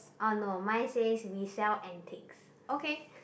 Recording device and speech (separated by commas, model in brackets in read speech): boundary microphone, conversation in the same room